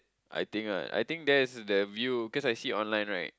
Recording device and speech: close-talking microphone, conversation in the same room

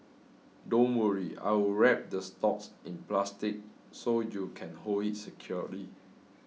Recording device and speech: mobile phone (iPhone 6), read sentence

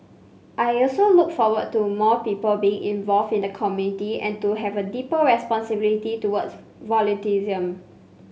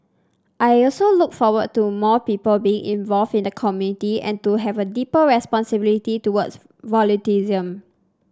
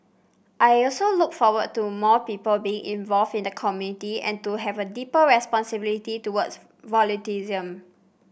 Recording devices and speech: mobile phone (Samsung C5), standing microphone (AKG C214), boundary microphone (BM630), read sentence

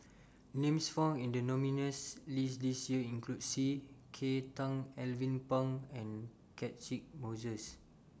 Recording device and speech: standing microphone (AKG C214), read sentence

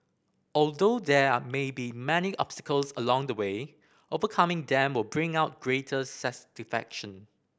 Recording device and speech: boundary microphone (BM630), read sentence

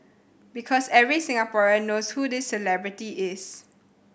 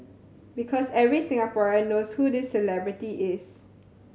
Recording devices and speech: boundary microphone (BM630), mobile phone (Samsung C7100), read sentence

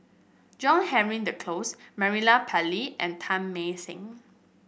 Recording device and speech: boundary microphone (BM630), read sentence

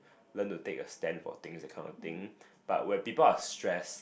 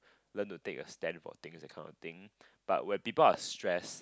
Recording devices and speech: boundary microphone, close-talking microphone, conversation in the same room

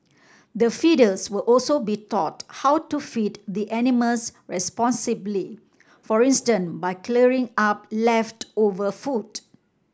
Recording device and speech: standing microphone (AKG C214), read sentence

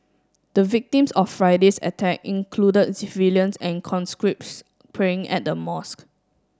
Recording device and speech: standing microphone (AKG C214), read sentence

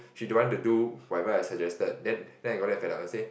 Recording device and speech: boundary microphone, conversation in the same room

